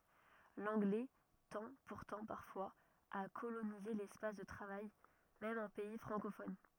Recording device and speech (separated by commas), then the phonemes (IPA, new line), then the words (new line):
rigid in-ear microphone, read sentence
lɑ̃ɡlɛ tɑ̃ puʁtɑ̃ paʁfwaz a kolonize lɛspas də tʁavaj mɛm ɑ̃ pɛi fʁɑ̃kofɔn
L'anglais tend pourtant parfois à coloniser l'espace de travail, même en pays francophone.